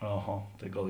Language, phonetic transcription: Lithuanian, aˈha tai ˈgal

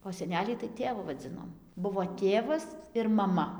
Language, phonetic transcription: Lithuanian, o seˈnelį tai ˈtėvu vaˈdzinom ˈbuvo ˈtėvas ir maˈma

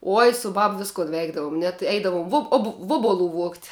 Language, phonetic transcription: Lithuanian, ˈoj su ˈbab ˈviskun ˈveikdavum net ˈeidavum ˈvub ob ˈvuobuˌlu vuogt'

